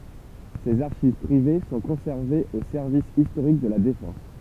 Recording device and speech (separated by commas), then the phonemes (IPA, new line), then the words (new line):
temple vibration pickup, read sentence
sez aʁʃiv pʁive sɔ̃ kɔ̃sɛʁvez o sɛʁvis istoʁik də la defɑ̃s
Ses archives privées sont conservées au service historique de la Défense.